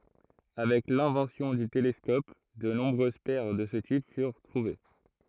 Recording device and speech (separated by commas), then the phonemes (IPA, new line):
throat microphone, read sentence
avɛk lɛ̃vɑ̃sjɔ̃ dy telɛskɔp də nɔ̃bʁøz pɛʁ də sə tip fyʁ tʁuve